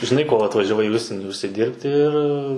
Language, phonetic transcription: Lithuanian, žiˈnai ko atvažiaˈvai į ˈužsienį užsiˈdyrbti ir

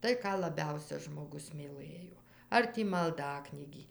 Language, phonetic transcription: Lithuanian, ˈtai ˈką laˈbiausia žmoˈgus myˈlɘjo ˈar tį malˈdaknygį

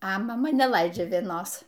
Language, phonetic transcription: Lithuanian, a maˈma neˈlaidžia vieˈnos

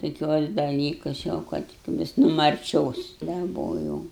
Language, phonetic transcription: Lithuanian, toˈkiuos daˈlykus jau ˈkad ˈvis nu marˈčios daˈbojau

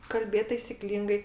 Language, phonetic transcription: Lithuanian, kalˈbėt taisiˈklyngai

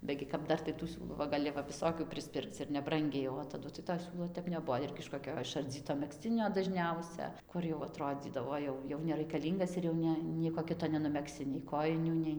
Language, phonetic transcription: Lithuanian, ˈbegi kap ˈdar tai tų ˈsiūlų va gaˈli va viˈsokių prisˈpirkc ir neˈbrangiai o taˈdu tai to ˈsiūlo ˈtep neˈbuo ˈirgi iš koˈkio išarˈdzyto megˈzcinio dažˈniausia ˈkur jau aˈtrodzydavo ˈjau jau nereikaˈlyngas ir jau ˈne ˈnieko ˈkito nenumegˈsi nei ˈkojinių ˈnei

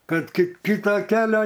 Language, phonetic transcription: Lithuanian, ˈkad kit ˈkito ˈkelio

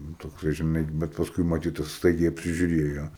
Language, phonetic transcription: Lithuanian, nu ˈtoks va žiˈnai bet pasˈkui maˈtyt ir ˈstaigiai apsižiuˈrėjo

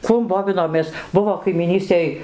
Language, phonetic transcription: Lithuanian, ˈkuom ˈbovinomės ˈbuvo kaimyˈnystėj

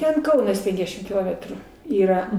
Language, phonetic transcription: Lithuanian, ˈten ˈkaunas ˈpenkdešim kiˈlometrų ˈyra

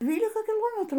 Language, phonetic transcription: Lithuanian, ˈdvylika kiˈlometrų

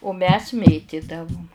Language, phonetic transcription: Lithuanian, u mes ˈmėtidavum

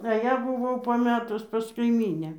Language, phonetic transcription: Lithuanian, a ˈją buˈvau paˈmetus pas kaiˈmynę

